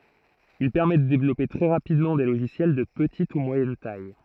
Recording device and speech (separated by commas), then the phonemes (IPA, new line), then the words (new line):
throat microphone, read sentence
il pɛʁmɛ də devlɔpe tʁɛ ʁapidmɑ̃ de loʒisjɛl də pətit u mwajɛn taj
Il permet de développer très rapidement des logiciels de petite ou moyenne taille.